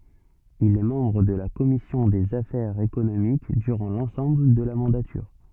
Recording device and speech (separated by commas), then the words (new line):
soft in-ear microphone, read sentence
Il est membre de la commission des affaires économiques durant l’ensemble de la mandature.